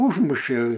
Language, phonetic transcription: Lithuanian, ˈūžmušė

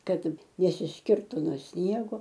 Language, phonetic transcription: Lithuanian, ˈkad nesisˈkirtu no ˈsniego

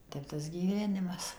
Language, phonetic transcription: Lithuanian, ˈtep tas gyˈvenimas

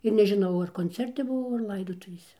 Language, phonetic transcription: Lithuanian, ir nežiˈnau ar konˈcerti buˈvau ar ˈlaidotuvėse

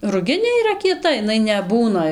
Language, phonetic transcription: Lithuanian, ruˈginė yˈra kieˈta iˈnai neˈbūna

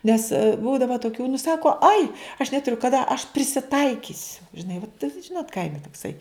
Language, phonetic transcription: Lithuanian, ˈnes ˈbūdava toˈkių nu ˈsako ai aš netuˈriu kaˈda aš prisiˈtaikisiu žiˈnai vat ˈžinot ˈkaime tokˈsai

